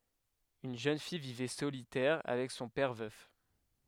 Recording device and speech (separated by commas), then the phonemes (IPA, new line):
headset microphone, read sentence
yn ʒøn fij vivɛ solitɛʁ avɛk sɔ̃ pɛʁ vœf